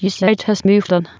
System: TTS, waveform concatenation